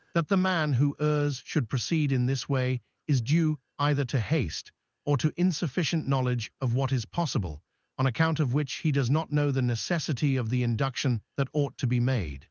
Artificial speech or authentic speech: artificial